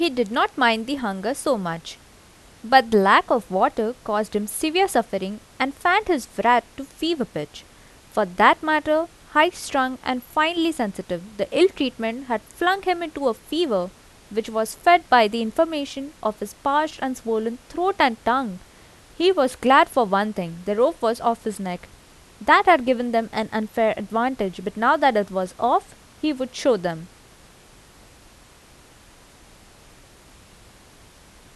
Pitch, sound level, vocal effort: 240 Hz, 84 dB SPL, normal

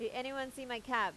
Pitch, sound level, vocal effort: 255 Hz, 91 dB SPL, loud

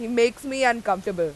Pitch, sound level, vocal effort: 235 Hz, 94 dB SPL, very loud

